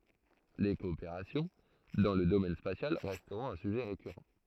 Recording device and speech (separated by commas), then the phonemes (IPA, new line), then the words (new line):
throat microphone, read sentence
le kɔopeʁasjɔ̃ dɑ̃ lə domɛn spasjal ʁɛstʁɔ̃t œ̃ syʒɛ ʁekyʁɑ̃
Les coopérations dans le domaine spatial resteront un sujet récurrent.